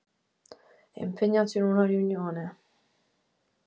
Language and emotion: Italian, sad